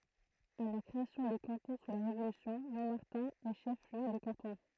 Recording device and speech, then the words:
throat microphone, read sentence
À la création des cantons sous la Révolution, Montmartin est chef-lieu de canton.

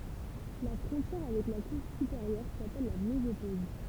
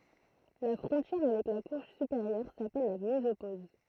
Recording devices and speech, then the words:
temple vibration pickup, throat microphone, read sentence
La frontière avec la couche supérieure s'appelle la mésopause.

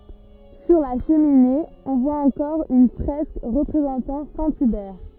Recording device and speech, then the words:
rigid in-ear microphone, read sentence
Sur la cheminée, on voit encore une fresque représentant saint Hubert.

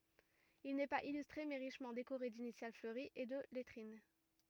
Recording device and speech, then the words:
rigid in-ear microphone, read sentence
Il n'est pas illustré, mais richement décoré d'initiales fleuries et de lettrines.

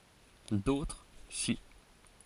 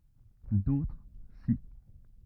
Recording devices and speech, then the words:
forehead accelerometer, rigid in-ear microphone, read sentence
D'autres, si.

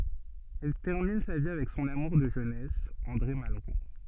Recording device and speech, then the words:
soft in-ear microphone, read sentence
Elle termine sa vie avec son amour de jeunesse, André Malraux.

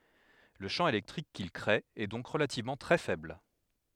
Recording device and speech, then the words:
headset microphone, read sentence
Le champ électrique qu'il créé est donc relativement très faible.

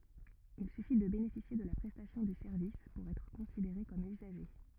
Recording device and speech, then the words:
rigid in-ear microphone, read sentence
Il suffit de bénéficier de la prestation du service pour être considéré comme usager.

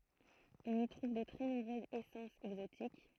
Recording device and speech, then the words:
throat microphone, read sentence
On y trouve de très nombreuses essences exotiques.

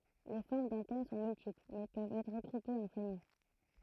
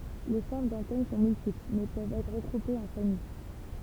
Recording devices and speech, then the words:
throat microphone, temple vibration pickup, read sentence
Les formes d'antennes sont multiples, mais peuvent être regroupées en familles.

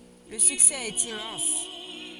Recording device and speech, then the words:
forehead accelerometer, read sentence
Le succès est immense.

